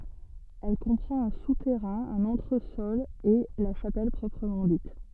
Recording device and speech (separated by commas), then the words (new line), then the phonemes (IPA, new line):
soft in-ear microphone, read sentence
Elle comprend un souterrain, un entresol et la chapelle proprement dite.
ɛl kɔ̃pʁɑ̃t œ̃ sutɛʁɛ̃ œ̃n ɑ̃tʁəsɔl e la ʃapɛl pʁɔpʁəmɑ̃ dit